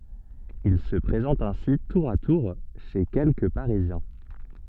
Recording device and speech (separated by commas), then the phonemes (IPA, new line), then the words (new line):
soft in-ear microphone, read sentence
il sə pʁezɑ̃t ɛ̃si tuʁ a tuʁ ʃe kɛlkə paʁizjɛ̃
Il se présente ainsi tour à tour chez quelques parisiens.